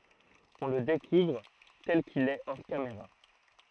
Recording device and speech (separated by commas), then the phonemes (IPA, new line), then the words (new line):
throat microphone, read sentence
ɔ̃ lə dekuvʁ tɛl kil ɛ ɔʁ kameʁa
On le découvre tel qu'il est hors caméra.